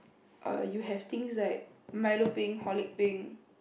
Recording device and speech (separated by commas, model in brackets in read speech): boundary microphone, conversation in the same room